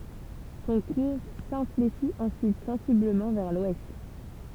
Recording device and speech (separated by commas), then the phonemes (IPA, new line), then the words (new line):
temple vibration pickup, read sentence
sɔ̃ kuʁ sɛ̃fleʃit ɑ̃syit sɑ̃sibləmɑ̃ vɛʁ lwɛst
Son cours s'infléchit ensuite sensiblement vers l'ouest.